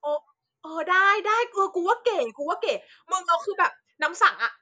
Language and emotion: Thai, happy